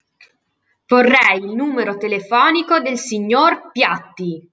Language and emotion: Italian, angry